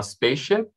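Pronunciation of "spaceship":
'Spaceship' is said the way it comes out in connected speech, with some sounds dropped.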